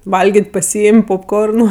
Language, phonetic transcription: Lithuanian, ˈvalgėt' paˈsyim' popˈkornu

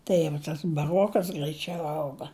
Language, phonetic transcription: Lithuanian, ˈtai jau tas baˈrokas graiˈčiau ˈauga

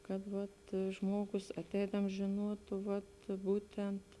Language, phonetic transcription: Lithuanian, kad vat ˈžmuogus aˈteidams žėˈnuotu vat ˈbūtent

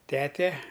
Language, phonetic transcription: Lithuanian, ˈtete

